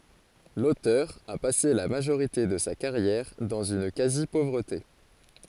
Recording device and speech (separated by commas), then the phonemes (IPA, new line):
forehead accelerometer, read sentence
lotœʁ a pase la maʒoʁite də sa kaʁjɛʁ dɑ̃z yn kazipovʁəte